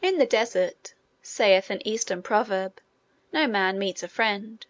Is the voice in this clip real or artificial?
real